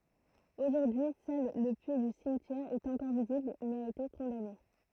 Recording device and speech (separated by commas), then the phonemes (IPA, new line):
throat microphone, read sentence
oʒuʁdyi sœl lə pyi dy simtjɛʁ ɛt ɑ̃kɔʁ vizibl mɛz a ete kɔ̃dane